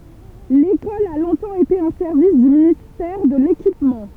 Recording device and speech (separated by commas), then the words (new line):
temple vibration pickup, read sentence
L'école a longtemps été un service du ministère de l'Équipement.